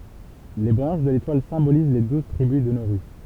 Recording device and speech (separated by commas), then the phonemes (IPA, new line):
temple vibration pickup, read sentence
le bʁɑ̃ʃ də letwal sɛ̃boliz le duz tʁibys də noʁy